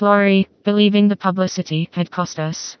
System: TTS, vocoder